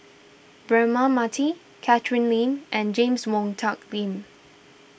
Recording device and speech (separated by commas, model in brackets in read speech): boundary microphone (BM630), read sentence